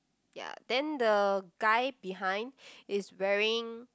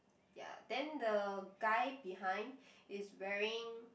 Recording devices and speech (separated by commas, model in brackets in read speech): close-talking microphone, boundary microphone, conversation in the same room